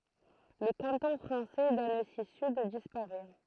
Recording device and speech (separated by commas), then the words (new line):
throat microphone, read sentence
Le canton français d'Annecy-Sud disparait.